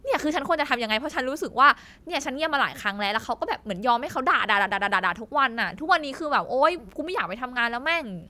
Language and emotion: Thai, angry